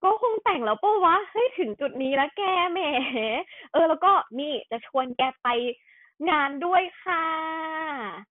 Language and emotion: Thai, happy